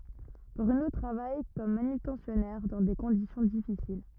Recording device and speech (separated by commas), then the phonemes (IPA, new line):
rigid in-ear microphone, read sentence
bʁyno tʁavaj kɔm manytɑ̃sjɔnɛʁ dɑ̃ de kɔ̃disjɔ̃ difisil